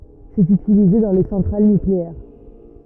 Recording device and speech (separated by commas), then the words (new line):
rigid in-ear microphone, read sentence
C'est utilisé dans les centrales nucléaires.